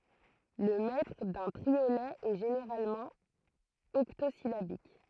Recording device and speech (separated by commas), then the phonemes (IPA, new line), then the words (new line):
throat microphone, read sentence
lə mɛtʁ dœ̃ tʁiolɛ ɛ ʒeneʁalmɑ̃ ɔktozilabik
Le mètre d'un triolet est généralement octosyllabique.